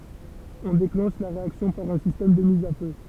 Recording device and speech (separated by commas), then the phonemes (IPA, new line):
temple vibration pickup, read sentence
ɔ̃ deklɑ̃ʃ la ʁeaksjɔ̃ paʁ œ̃ sistɛm də miz a fø